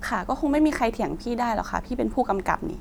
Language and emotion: Thai, frustrated